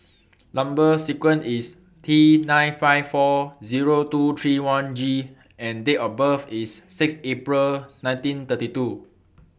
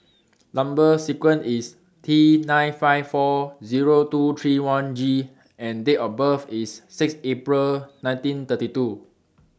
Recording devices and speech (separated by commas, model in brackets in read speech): boundary microphone (BM630), standing microphone (AKG C214), read sentence